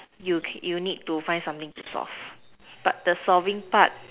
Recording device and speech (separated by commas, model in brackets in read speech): telephone, conversation in separate rooms